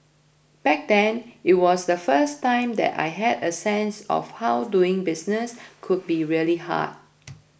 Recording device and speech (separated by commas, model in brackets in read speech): boundary microphone (BM630), read sentence